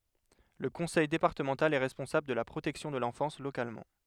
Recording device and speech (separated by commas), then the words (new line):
headset microphone, read sentence
Le conseil départemental est responsable de la protection de l'enfance localement.